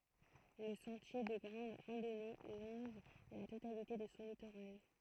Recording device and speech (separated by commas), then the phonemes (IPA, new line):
throat microphone, read sentence
lə sɑ̃tje də ɡʁɑ̃d ʁɑ̃dɔne lɔ̃ʒ la totalite də sɔ̃ litoʁal